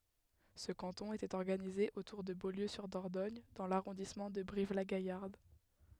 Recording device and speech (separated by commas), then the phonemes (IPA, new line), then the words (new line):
headset microphone, read sentence
sə kɑ̃tɔ̃ etɛt ɔʁɡanize otuʁ də boljøzyʁdɔʁdɔɲ dɑ̃ laʁɔ̃dismɑ̃ də bʁivlaɡajaʁd
Ce canton était organisé autour de Beaulieu-sur-Dordogne dans l'arrondissement de Brive-la-Gaillarde.